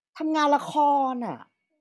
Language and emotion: Thai, frustrated